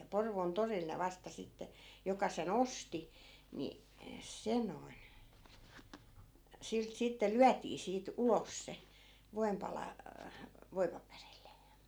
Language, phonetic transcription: Finnish, ja 'Porvoon 'toril ne 'vasta 'sitte , 'joka se"n ‿osti , ni , 'se noi̮n , 'silt 'sitte "lyätii siit "ulos se , 'voi̮mpala , 'voipaperille .
- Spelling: ja Porvoon torilla ne vasta sitten joka sen osti niin se noin siltä sitten lyötiin siitä ulos se voinpala voipaperille

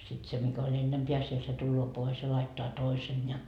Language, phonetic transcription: Finnish, sit 'se mikä oĺ 'ennempeä siel se 'tulloo 'pois ja laittoa 'toisen ja .
- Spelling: sitten se mikä oli ennempää siellä se tulee pois ja laittaa toisen ja

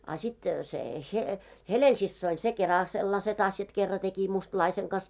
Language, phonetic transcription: Finnish, a 'sit se , he- , "Helen'sissoin se 'keral 'sellase't ‿asjat 'kerra teki 'mustlaiseŋ kas .
- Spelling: a sitten se - Helena-siskoni se keralla sellaiset asiat kerran teki mustalaisen kanssa

